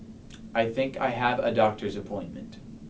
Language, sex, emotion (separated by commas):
English, male, neutral